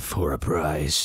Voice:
ominous voice